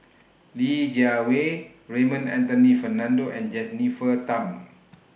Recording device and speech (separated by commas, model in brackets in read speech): boundary microphone (BM630), read sentence